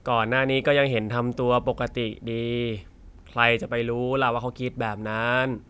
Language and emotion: Thai, frustrated